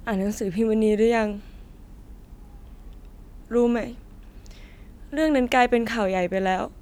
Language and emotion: Thai, sad